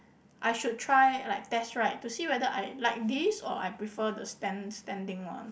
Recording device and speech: boundary microphone, conversation in the same room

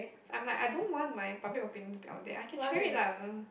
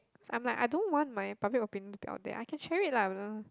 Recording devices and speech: boundary microphone, close-talking microphone, conversation in the same room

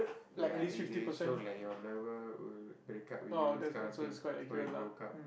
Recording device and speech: boundary microphone, conversation in the same room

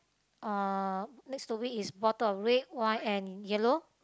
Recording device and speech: close-talking microphone, conversation in the same room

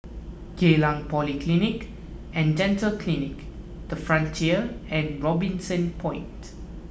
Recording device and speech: boundary microphone (BM630), read sentence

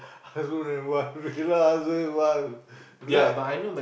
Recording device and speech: boundary microphone, conversation in the same room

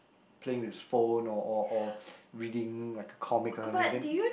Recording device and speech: boundary microphone, conversation in the same room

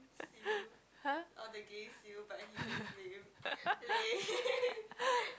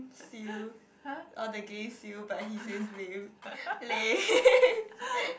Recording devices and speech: close-talking microphone, boundary microphone, conversation in the same room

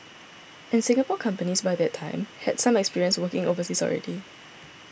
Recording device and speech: boundary microphone (BM630), read sentence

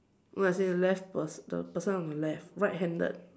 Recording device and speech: standing microphone, conversation in separate rooms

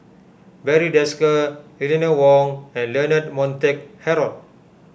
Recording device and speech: boundary microphone (BM630), read sentence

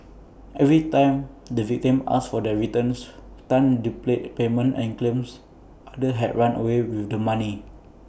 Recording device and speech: boundary microphone (BM630), read sentence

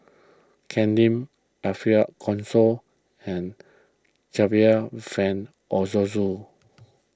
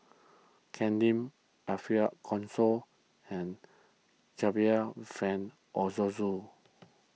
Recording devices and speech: close-talking microphone (WH20), mobile phone (iPhone 6), read sentence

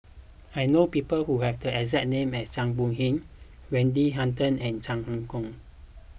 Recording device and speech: boundary microphone (BM630), read sentence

